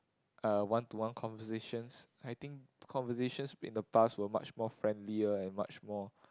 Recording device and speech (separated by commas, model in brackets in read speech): close-talking microphone, conversation in the same room